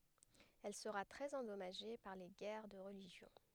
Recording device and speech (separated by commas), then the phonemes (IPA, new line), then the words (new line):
headset microphone, read sentence
ɛl səʁa tʁɛz ɑ̃dɔmaʒe paʁ le ɡɛʁ də ʁəliʒjɔ̃
Elle sera très endommagée par les guerres de religion.